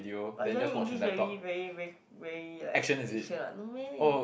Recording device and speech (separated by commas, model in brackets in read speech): boundary microphone, conversation in the same room